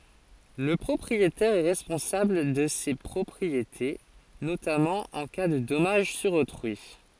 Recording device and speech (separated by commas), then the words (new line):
forehead accelerometer, read sentence
Le propriétaire est responsable de ses propriétés, notamment en cas de dommage sur autrui.